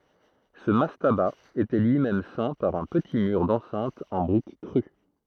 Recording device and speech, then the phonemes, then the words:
throat microphone, read sentence
sə mastaba etɛ lyi mɛm sɛ̃ paʁ œ̃ pəti myʁ dɑ̃sɛ̃t ɑ̃ bʁik kʁy
Ce mastaba était lui-même ceint par un petit mur d'enceinte en briques crues.

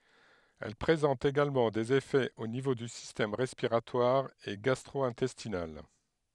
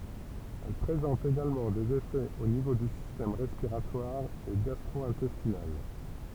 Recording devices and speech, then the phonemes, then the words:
headset microphone, temple vibration pickup, read sentence
ɛl pʁezɑ̃t eɡalmɑ̃ dez efɛz o nivo dy sistɛm ʁɛspiʁatwaʁ e ɡastʁo ɛ̃tɛstinal
Elle présente également des effets au niveau du système respiratoire et gastro-intestinal.

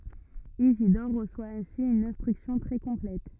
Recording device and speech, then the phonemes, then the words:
rigid in-ear microphone, read sentence
izidɔʁ ʁəswa ɛ̃si yn ɛ̃stʁyksjɔ̃ tʁɛ kɔ̃plɛt
Isidore reçoit ainsi une instruction très complète.

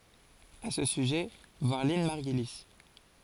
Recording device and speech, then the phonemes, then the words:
forehead accelerometer, read sentence
a sə syʒɛ vwaʁ lɛ̃n maʁɡyli
À ce sujet, voir Lynn Margulis.

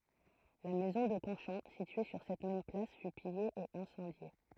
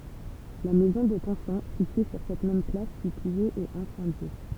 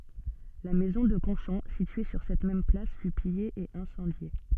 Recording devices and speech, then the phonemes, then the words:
throat microphone, temple vibration pickup, soft in-ear microphone, read sentence
la mɛzɔ̃ də kɔ̃ʃɔ̃ sitye syʁ sɛt mɛm plas fy pije e ɛ̃sɑ̃dje
La maison de Conchon, située sur cette même place, fut pillée et incendiée.

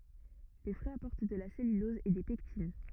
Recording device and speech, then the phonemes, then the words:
rigid in-ear microphone, read sentence
le fʁyiz apɔʁt də la sɛlylɔz e de pɛktin
Les fruits apportent de la cellulose et des pectines.

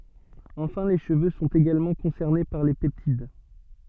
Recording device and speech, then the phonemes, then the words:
soft in-ear microphone, read sentence
ɑ̃fɛ̃ le ʃəvø sɔ̃t eɡalmɑ̃ kɔ̃sɛʁne paʁ le pɛptid
Enfin les cheveux sont également concernés par les peptides.

